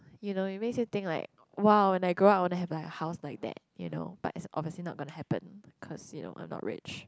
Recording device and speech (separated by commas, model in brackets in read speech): close-talking microphone, conversation in the same room